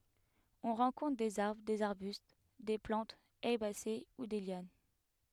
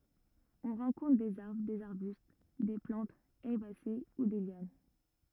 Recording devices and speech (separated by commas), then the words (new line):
headset microphone, rigid in-ear microphone, read sentence
On rencontre des arbres, des arbustes, des plantes herbacées ou des lianes.